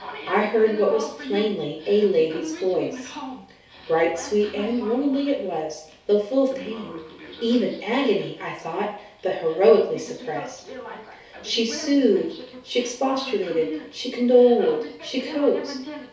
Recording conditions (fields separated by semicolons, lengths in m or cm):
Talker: one person; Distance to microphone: 3.0 m; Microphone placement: far; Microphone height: 1.8 m; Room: small (3.7 m by 2.7 m); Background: television